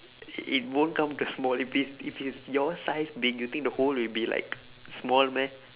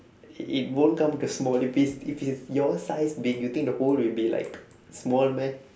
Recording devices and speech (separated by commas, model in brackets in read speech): telephone, standing microphone, conversation in separate rooms